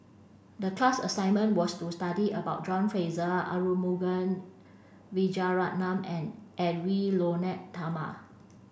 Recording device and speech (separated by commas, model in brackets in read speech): boundary microphone (BM630), read sentence